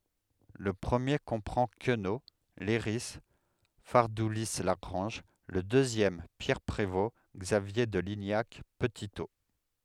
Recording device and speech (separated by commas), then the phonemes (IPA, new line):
headset microphone, read sentence
lə pʁəmje kɔ̃pʁɑ̃ kəno lɛʁi faʁduli laɡʁɑ̃ʒ lə døzjɛm pjɛʁ pʁevo ɡzavje də liɲak pətito